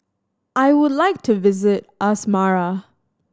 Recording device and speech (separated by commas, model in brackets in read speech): standing microphone (AKG C214), read sentence